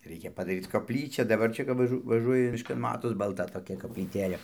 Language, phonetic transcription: Lithuanian, ˈreikia padaˈryc kopˈlyčia daˈbar ˈčia kap vaˈžu vaˈžuoji mišˈkan ˈmatos balˈta toˈkia koplyˈtėlė

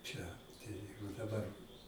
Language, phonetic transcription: Lithuanian, čia tai ˈjeigu daˈbar

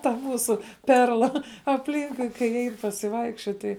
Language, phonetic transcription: Lithuanian, ta ˈmūsu ˈperla apˈlynkui kai ˈein pasiˈvaikščiot ˈtai

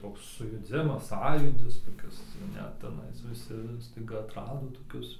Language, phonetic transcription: Lithuanian, ˈtoks sujuˈdzimas ˈsąjūdis toˈkis ˈnet teˈnais viˈsi staiˈga atˈrado toˈkius

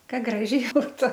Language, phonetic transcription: Lithuanian, ˈka ˈgražiai ˈbūtu

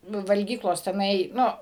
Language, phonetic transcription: Lithuanian, ˈnu valˈgyklos teˈnai ˈnu

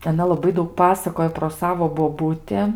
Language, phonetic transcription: Lithuanian, aˈna laˈbai ˈdaug ˈpasakoj pro ˈsavo boˈbuti

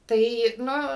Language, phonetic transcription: Lithuanian, ˈtai ˈnu

